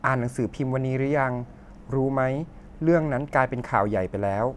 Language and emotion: Thai, neutral